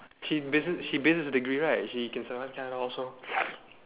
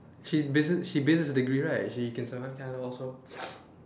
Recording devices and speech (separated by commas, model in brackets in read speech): telephone, standing microphone, conversation in separate rooms